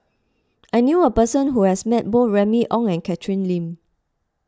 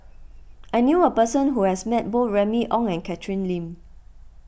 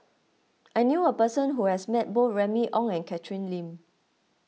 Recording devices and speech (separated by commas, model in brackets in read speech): close-talking microphone (WH20), boundary microphone (BM630), mobile phone (iPhone 6), read sentence